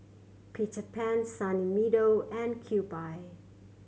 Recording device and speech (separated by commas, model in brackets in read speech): mobile phone (Samsung C7100), read sentence